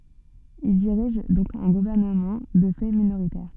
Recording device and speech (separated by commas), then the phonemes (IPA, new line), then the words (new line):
soft in-ear microphone, read sentence
il diʁiʒ dɔ̃k œ̃ ɡuvɛʁnəmɑ̃ də fɛ minoʁitɛʁ
Il dirige donc un gouvernement de fait minoritaire.